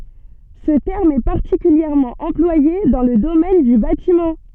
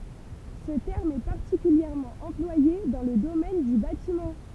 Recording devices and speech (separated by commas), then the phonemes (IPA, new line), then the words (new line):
soft in-ear microphone, temple vibration pickup, read sentence
sə tɛʁm ɛ paʁtikyljɛʁmɑ̃ ɑ̃plwaje dɑ̃ lə domɛn dy batimɑ̃
Ce terme est particulièrement employé dans le domaine du bâtiment.